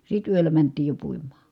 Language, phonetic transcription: Finnish, sit yöllä mänt̆tiij jo puim̀aa .
- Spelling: sitten yöllä mentiin jo puimaan

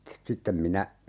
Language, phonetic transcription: Finnish, 'sittem minä , .
- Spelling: sitten minä

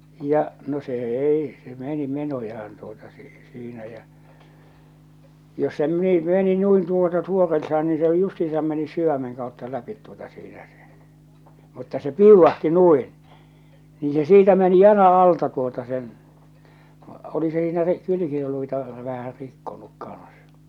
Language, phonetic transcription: Finnish, ja͕ , no se "ei , se "meni 'menojahan tuota si- , 'siinä jä͔ , jos se 'meni , 'meni 'nuin tuota ('suoreltaan) ni se o 'justiisam mennys 'syvämeŋ kàutta 'läpit tuota siinä sᴇ , mutta se "piuvvahti "nuin , nii se "siitä meni "jal̬a 'alta tuota sen , oli se siinä ri- , 'kylykiluita , vähä 'rikkonuk kaa̰s .
- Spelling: ja no se ei se meni menojaan tuota - siinä ja jos se meni meni noin tuota suoraltaan niin se on justiinsa mennyt sydämen kautta läpi tuota siinä se mutta se piuvahti noin niin se siitä meni jalan alta tuota sen oli se siinä - kylkiluita vähän rikkonut kanssa

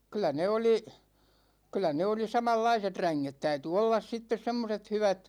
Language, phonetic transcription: Finnish, 'kyl̆lä ne 'oli , 'kyl̆lä ne 'oli 'samallaiset "räŋŋet 'täyty "ollas 'sittes 'semmoset 'hyvat .
- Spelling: kyllä ne oli kyllä ne oli samanlaiset ränget täytyi olla sitten semmoiset hyvät

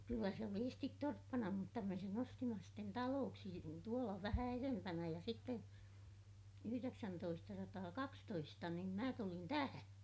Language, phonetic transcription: Finnish, kyllä se oli estit torppana mutta me sen ‿ostima sitten talooksi - tuola vähä erempänä ja sitte , yhyreksäntoistasataakakstoista nim mä tulin tähä .
- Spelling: kyllä se oli esisti torppana mutta me sen ostimme sitten taloksi tuolla vähän edempänä ja sitten yhdeksäntoistasataakaksitoista niin minä tulin tähän

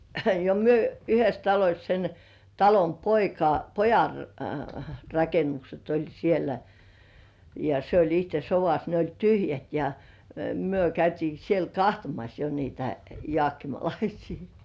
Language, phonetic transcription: Finnish, ja myö 'yhes 'taloś sen , 'talom "poika , "pojan , 'rakennukset oĺ sielä , ja se oĺ 'ihte "sovas ne oĺ "tyhjät ja , myö 'käytii siel "kahtomas jo niitä 'joàkkimalaisii .
- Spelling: ja me yhdessä talossa sen talon poika pojan rakennukset oli siellä ja se oli itse sodassa ne oli tyhjät ja me käytiin siellä katsomassa jo niitä jaakkimalaisia

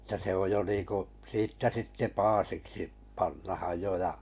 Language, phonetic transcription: Finnish, ᵉttä se oj jo 'niiku , 'siittä 'sitte "paasiksi , 'pannahaj 'jo ja ,.
- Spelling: että se on jo niin kuin siitä sitten paasiksi pannaan jo ja

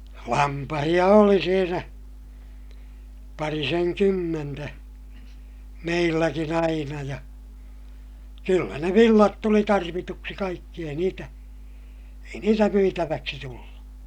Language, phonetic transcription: Finnish, lampahiʲa oli siinä , pariseŋkymmentä , meilläkin ‿aina ja , kyllä ne villat tuli tarvituksi kaikki ei niitä , ei niitä myitäväksi tullu .
- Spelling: lampaita oli siinä parisenkymmentä meilläkin aina ja kyllä ne villat tuli tarvituksi kaikki ei niitä ei niitä myytäväksi tullut

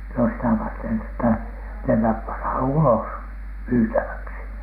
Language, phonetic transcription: Finnish, no 'sitä 'varten että , 'nämäp panhan "ulos , "myytäväksi .
- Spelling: no sitä varten että nämä pannaan ulos myytäväksi

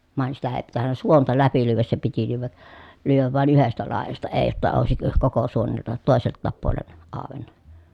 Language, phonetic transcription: Finnish, vàen sitä ee pitännä suonta läpi lyyväs se piti lyyvä , lyyväv vài̮n yhestä làejasta ee [j]otta òesik koko suonelta , tòeselttaap puolen , àovenna .
- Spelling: vain sitä ei pitänyt suonta läpi lyödä se piti lyödä lyödä vain yhdestä laidasta ei jotta olisi koko suonelta toiseltakin puolen auennut

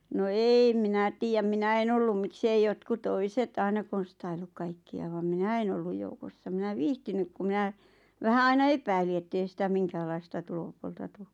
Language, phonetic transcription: Finnish, no 'eeⁱ 'minä tiijäm "minä en ‿ollum mik's ‿ei 'jotku "toiset 'aina konstailluk kaikki₍a vam "minä en olluj joukossa minä "viihtinyk ku 'mⁱnä , vähä 'aina "epäili ettei sitä 'miŋkääl̆laista 'tulopuolta "tu .
- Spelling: no en minä tiedä minä en ollut miksi ei jotkut toiset aina konstaillut kaikkia vaan minä en ollut joukossa minä viitsinyt kun minä vähän aina epäilin että ei sitä minkäänlaista tulopuolta tule

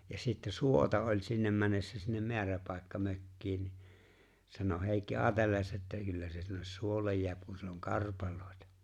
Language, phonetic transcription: Finnish, ja sitte "suota oĺ̀ sinnem 'männessä sinnem "meäräpàekka'mökkiin ni , sano 'Hèikki "aatelleesa ’että 'kyllä se sinnes "suollej 'jḙäp kun 'siell ‿oŋ "karpal̀òetᴀ .
- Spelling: ja sitten suota oli sinne mennessä sinne määräpaikkamökkiin niin sanoi Heikki ajatelleensa että kyllä se sinne suolle jää kun siellä on karpaloita

